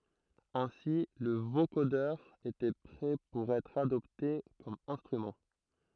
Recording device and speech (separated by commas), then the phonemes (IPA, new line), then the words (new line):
throat microphone, read sentence
ɛ̃si lə vokodœʁ etɛ pʁɛ puʁ ɛtʁ adɔpte kɔm ɛ̃stʁymɑ̃
Ainsi le vocodeur était prêt pour être adopté comme instrument.